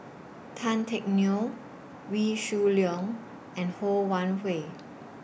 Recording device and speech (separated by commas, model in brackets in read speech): boundary microphone (BM630), read sentence